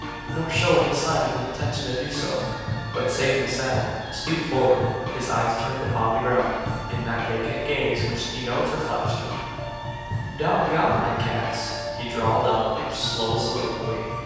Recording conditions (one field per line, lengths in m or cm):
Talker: one person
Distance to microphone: 7.1 m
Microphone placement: far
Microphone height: 1.7 m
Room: very reverberant, large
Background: music